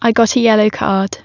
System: none